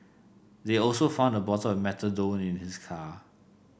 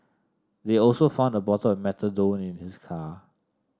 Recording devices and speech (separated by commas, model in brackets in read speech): boundary microphone (BM630), standing microphone (AKG C214), read sentence